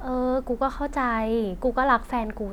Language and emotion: Thai, frustrated